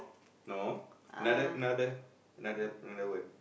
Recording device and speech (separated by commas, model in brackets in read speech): boundary microphone, conversation in the same room